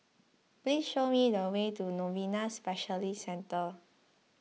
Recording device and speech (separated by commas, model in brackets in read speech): mobile phone (iPhone 6), read sentence